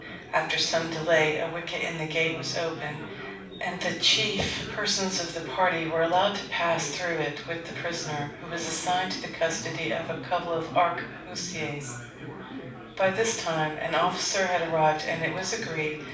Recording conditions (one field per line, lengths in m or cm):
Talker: one person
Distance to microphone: 5.8 m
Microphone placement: far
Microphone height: 1.8 m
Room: medium-sized (5.7 m by 4.0 m)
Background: babble